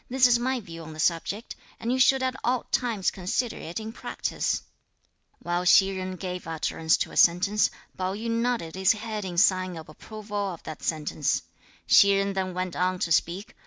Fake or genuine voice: genuine